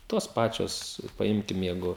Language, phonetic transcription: Lithuanian, ˈtos ˈpačios paˈimkim ˈjeigu

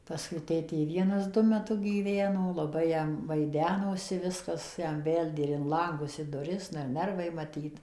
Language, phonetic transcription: Lithuanian, paˈskui ˈtėtė ˈvienas ˈdu meˈtu gyˈveno laˈbai jam vaiˈdenosi ˈviskas ˈten ˈbeldė ir in lanˈgus i duˈris nu ir ˈnervai maˈtyt

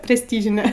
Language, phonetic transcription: Lithuanian, presˈtyžine

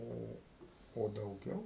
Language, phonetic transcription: Lithuanian, ˈo o dauˈgiau

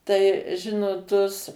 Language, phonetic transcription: Lithuanian, ˈtai ˈžinot tus

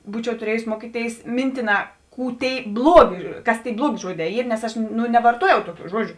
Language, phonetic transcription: Lithuanian, ˈbūčiau tuˈriejus ˈmuokyˌtėis ˈmintiˌnā ˈkų ˈtėi ˈbluoˌgė ˈkas tėi ˈbluoˌgė ˈžuoˌdē ˈyr nes ˈaš nu nevarˈtuojau ˈtuˌkių ˈžuodžiu

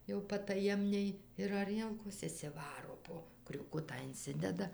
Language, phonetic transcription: Lithuanian, jau pataˈjemniai ir aˈrielkos išsiˈvaro ˈpo kriūˈkutą inˈsideda

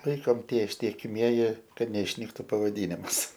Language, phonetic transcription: Lithuanian, ˈlaikom ˈtie ištiekiˈmieji ˈkad neišˈnyktu pavaˈdynims

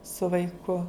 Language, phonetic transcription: Lithuanian, su vaiˈku

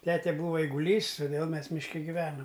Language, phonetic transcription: Lithuanian, ˈtete ˈbūva eiguˈlys toˈdėl ˈmes mišˈke giˈvenom

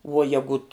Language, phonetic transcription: Lithuanian, vuo ˈjegut

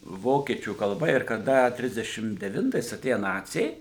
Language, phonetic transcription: Lithuanian, ˈvokiečių kalˈba ir kaˈda ˈtrisdešim deˈvintais aˈtėja ˈnaciai

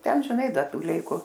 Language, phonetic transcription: Lithuanian, ˈten žiˈnai ˈda ˈtų ˈleiku

